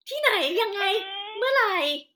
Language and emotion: Thai, happy